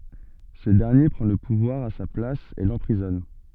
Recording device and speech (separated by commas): soft in-ear microphone, read sentence